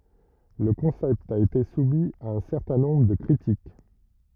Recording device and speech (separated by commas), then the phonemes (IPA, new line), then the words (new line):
rigid in-ear microphone, read sentence
lə kɔ̃sɛpt a ete sumi a œ̃ sɛʁtɛ̃ nɔ̃bʁ də kʁitik
Le concept a été soumis à un certain nombre de critiques.